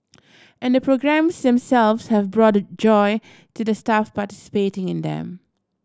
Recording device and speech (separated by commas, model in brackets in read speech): standing microphone (AKG C214), read sentence